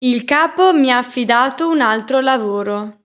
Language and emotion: Italian, neutral